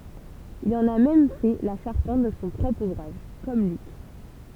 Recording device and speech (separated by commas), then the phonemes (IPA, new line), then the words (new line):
temple vibration pickup, read sentence
il ɑ̃n a mɛm fɛ la ʃaʁpɑ̃t də sɔ̃ pʁɔpʁ uvʁaʒ kɔm lyk
Il en a même fait la charpente de son propre ouvrage, comme Luc.